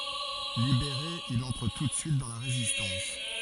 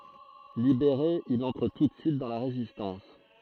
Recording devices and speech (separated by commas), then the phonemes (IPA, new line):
forehead accelerometer, throat microphone, read sentence
libeʁe il ɑ̃tʁ tu də syit dɑ̃ la ʁezistɑ̃s